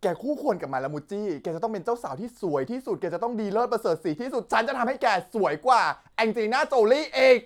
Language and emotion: Thai, happy